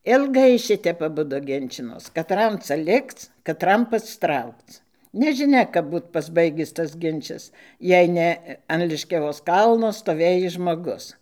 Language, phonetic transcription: Lithuanian, ilˈgai ˈšitep aˈbudu ˈginčinos kaˈtram ˈca ˈlikc kaˈtram pasˈtraukc nežiˈnia kap ˈbūt pasˈbaigis tas ˈginčias ˈjei ne an liškiaˈvos ˈkalno stoˈvėjis žmoˈgus

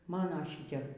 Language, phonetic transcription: Lithuanian, ˈmano ˈšitep

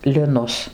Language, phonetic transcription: Lithuanian, liˈnus

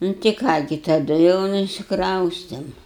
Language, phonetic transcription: Lithuanian, ˈnu tai ˈką gi taˈdu jau nu išsikˈraustėm

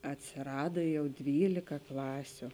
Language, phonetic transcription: Lithuanian, atsėˈrada ˈjau ˈdvylika ˈklasiu

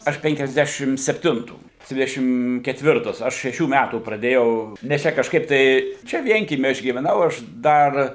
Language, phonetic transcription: Lithuanian, ˈaš penkiasˈdešim sepˈtintų ˈdvidešim ketˈvirtas ˈaš šeˈšių ˈmætų praˈdėjau nes ˈčia kažˈkaip tai ˈčia ˈvienkiemy ˈaš gyveˈnau ˈaš ˈdar

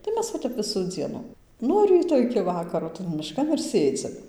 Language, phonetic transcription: Lithuanian, tai ˈmes va ˈtep ˈvisų ˈdzienu ˈnuo ryto iki vaˈkaro tan miˈškan ir ˈsėdzim

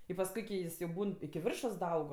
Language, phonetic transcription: Lithuanian, i pasˈkui ki ˈjis jau ˈbūn iki ˈviršos daˈaug

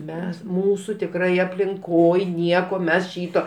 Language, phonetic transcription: Lithuanian, ˈmes ˈmūsų tikˈrai aplinˈkoj ˈnieko ˈmes ˈšyto

